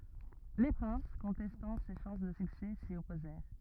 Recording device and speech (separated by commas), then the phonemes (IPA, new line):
rigid in-ear microphone, read sentence
le pʁɛ̃s kɔ̃tɛstɑ̃ se ʃɑ̃s də syksɛ si ɔpozɛʁ